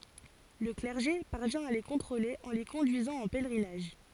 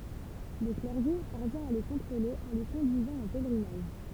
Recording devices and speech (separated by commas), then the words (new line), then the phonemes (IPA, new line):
forehead accelerometer, temple vibration pickup, read sentence
Le clergé parvient à les contrôler en les conduisant en pèlerinage.
lə klɛʁʒe paʁvjɛ̃ a le kɔ̃tʁole ɑ̃ le kɔ̃dyizɑ̃ ɑ̃ pɛlʁinaʒ